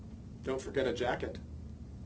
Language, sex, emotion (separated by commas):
English, male, neutral